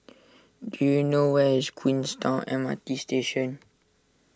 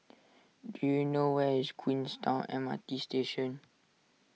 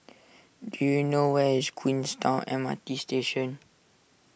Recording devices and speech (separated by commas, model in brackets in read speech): standing microphone (AKG C214), mobile phone (iPhone 6), boundary microphone (BM630), read sentence